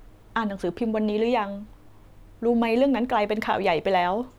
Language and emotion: Thai, sad